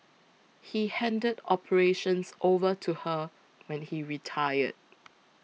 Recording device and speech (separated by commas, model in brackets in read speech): mobile phone (iPhone 6), read sentence